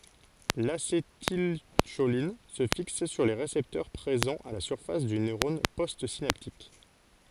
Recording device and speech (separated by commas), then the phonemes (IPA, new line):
forehead accelerometer, read sentence
lasetilʃolin sə fiks syʁ le ʁesɛptœʁ pʁezɑ̃z a la syʁfas dy nøʁɔn postsinaptik